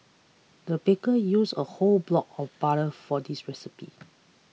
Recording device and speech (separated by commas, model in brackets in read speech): mobile phone (iPhone 6), read sentence